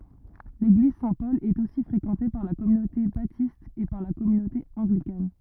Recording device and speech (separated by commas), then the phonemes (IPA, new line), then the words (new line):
rigid in-ear microphone, read sentence
leɡliz sɛ̃tpɔl ɛt osi fʁekɑ̃te paʁ la kɔmynote batist e paʁ la kɔmynote ɑ̃ɡlikan
L’église Saint-Paul est aussi fréquentée par la communauté Baptiste et par la communauté Anglicane.